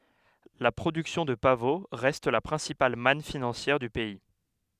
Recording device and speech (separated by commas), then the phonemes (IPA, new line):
headset microphone, read sentence
la pʁodyksjɔ̃ də pavo ʁɛst la pʁɛ̃sipal man finɑ̃sjɛʁ dy pɛi